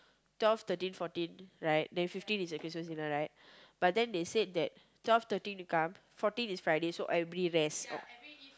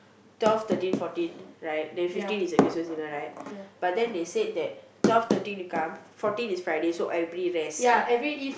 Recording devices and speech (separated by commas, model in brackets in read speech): close-talking microphone, boundary microphone, conversation in the same room